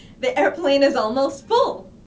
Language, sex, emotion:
English
female
fearful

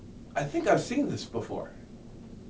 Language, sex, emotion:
English
male
neutral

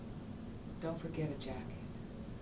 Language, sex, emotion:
English
female
neutral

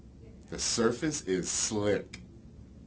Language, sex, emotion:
English
male
neutral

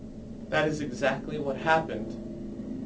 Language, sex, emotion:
English
male
fearful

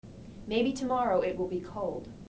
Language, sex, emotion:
English
female
neutral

